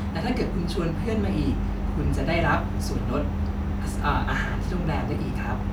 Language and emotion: Thai, happy